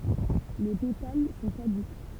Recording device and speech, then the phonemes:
temple vibration pickup, read sentence
le petal sɔ̃ kadyk

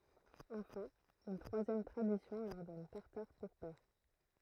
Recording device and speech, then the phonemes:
throat microphone, read sentence
ɑ̃fɛ̃ yn tʁwazjɛm tʁadisjɔ̃ lœʁ dɔn taʁtaʁ puʁ pɛʁ

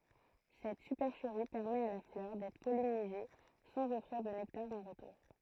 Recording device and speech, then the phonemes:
throat microphone, read sentence
sɛt sypɛʁʃəʁi pɛʁmɛt a la flœʁ dɛtʁ pɔlinize sɑ̃z ɔfʁiʁ də nɛktaʁ ɑ̃ ʁətuʁ

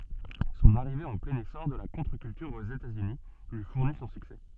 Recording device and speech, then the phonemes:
soft in-ear microphone, read sentence
sɔ̃n aʁive ɑ̃ plɛ̃n esɔʁ də la kɔ̃tʁəkyltyʁ oz etatsyni lyi fuʁni sɔ̃ syksɛ

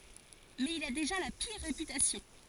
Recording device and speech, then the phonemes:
forehead accelerometer, read sentence
mɛz il a deʒa la piʁ ʁepytasjɔ̃

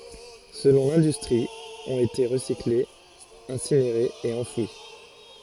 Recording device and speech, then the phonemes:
forehead accelerometer, read sentence
səlɔ̃ lɛ̃dystʁi ɔ̃t ete ʁəsiklez ɛ̃sineʁez e ɑ̃fwi

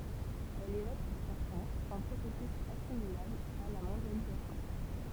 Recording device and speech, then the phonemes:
temple vibration pickup, read sentence
ɛl evok puʁ sɛʁtɛ̃z œ̃ pʁosɛsys asimilabl a la mɔ̃djalizasjɔ̃

